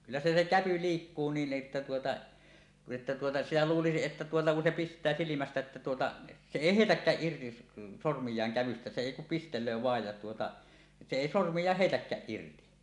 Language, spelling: Finnish, kyllä se se käpy liikkuu niin että tuota että tuota sitä luulisi että tuota kun se pistää silmästä että tuota se ei heitäkään irti sormiaan kävystä se ei kuin pistelee vain ja tuota se ei sormiaan heitäkään irti
- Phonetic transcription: 'kyllä 'se se "käpy "liikkuu niin ’että tuota , että tuota , 'sitä 'luulisiˀ ˀettä tuota ku se "pist̀ää -silimästä ᵉttä tuota , 'se 'èi "hèitäkkääˀ 'ˀirti , 'sormij̀aaŋ kävystä se èi kum "pistel̆löö 'vaej ja tuota , 'se 'èi "sormij̀aah "heitäkkääˀ 'ˀirti .

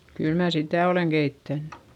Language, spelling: Finnish, kyllä minä sitä olen keittänyt
- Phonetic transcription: kyl mää sitä̀ olèŋ GeittännY .

